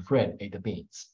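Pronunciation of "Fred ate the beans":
'Fred ate the beans' is said with a standard falling intonation, and the focus is on 'beans'.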